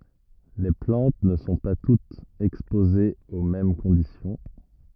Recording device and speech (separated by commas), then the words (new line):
rigid in-ear microphone, read sentence
Les plantes ne sont pas toutes exposées aux mêmes conditions.